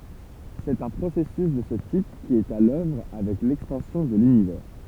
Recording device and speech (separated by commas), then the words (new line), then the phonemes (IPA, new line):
temple vibration pickup, read sentence
C'est un processus de ce type qui est à l'œuvre avec l'expansion de l'Univers.
sɛt œ̃ pʁosɛsys də sə tip ki ɛt a lœvʁ avɛk lɛkspɑ̃sjɔ̃ də lynivɛʁ